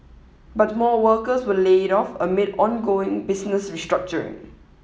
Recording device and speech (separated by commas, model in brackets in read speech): mobile phone (iPhone 7), read sentence